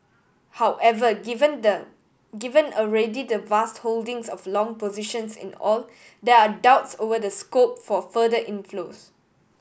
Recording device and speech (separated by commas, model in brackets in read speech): boundary microphone (BM630), read sentence